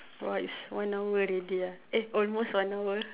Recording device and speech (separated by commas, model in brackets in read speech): telephone, conversation in separate rooms